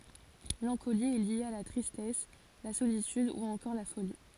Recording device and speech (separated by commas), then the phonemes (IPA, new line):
forehead accelerometer, read sentence
lɑ̃koli ɛ lje a la tʁistɛs la solityd u ɑ̃kɔʁ la foli